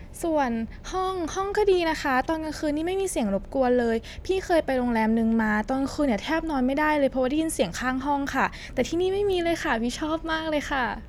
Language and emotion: Thai, happy